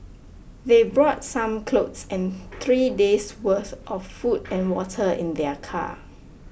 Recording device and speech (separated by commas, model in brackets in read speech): boundary microphone (BM630), read sentence